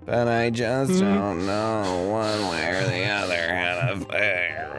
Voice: Gravelly Voice